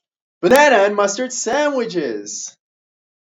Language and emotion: English, fearful